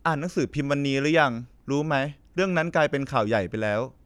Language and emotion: Thai, neutral